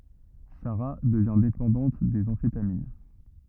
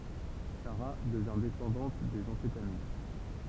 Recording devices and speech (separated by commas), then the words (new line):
rigid in-ear microphone, temple vibration pickup, read sentence
Sara devient dépendante des amphétamines.